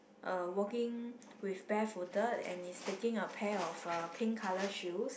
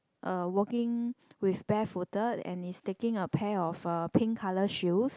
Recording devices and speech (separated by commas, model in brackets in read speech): boundary microphone, close-talking microphone, conversation in the same room